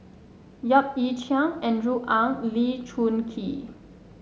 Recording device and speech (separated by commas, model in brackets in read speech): mobile phone (Samsung S8), read sentence